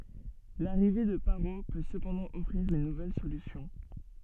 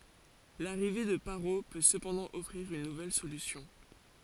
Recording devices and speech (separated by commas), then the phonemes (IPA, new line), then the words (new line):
soft in-ear microphone, forehead accelerometer, read sentence
laʁive də paʁo pø səpɑ̃dɑ̃ ɔfʁiʁ yn nuvɛl solysjɔ̃
L'arrivée de Parrot peut cependant offrir une nouvelle solution.